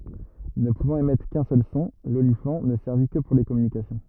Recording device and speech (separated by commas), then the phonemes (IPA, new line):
rigid in-ear microphone, read sentence
nə puvɑ̃t emɛtʁ kœ̃ sœl sɔ̃ lolifɑ̃ nə sɛʁvi kə puʁ le kɔmynikasjɔ̃